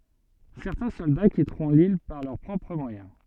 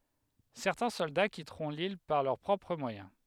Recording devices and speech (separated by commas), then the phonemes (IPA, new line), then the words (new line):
soft in-ear microphone, headset microphone, read sentence
sɛʁtɛ̃ sɔlda kitʁɔ̃ lil paʁ lœʁ pʁɔpʁ mwajɛ̃
Certains soldats quitteront l'île par leurs propres moyens.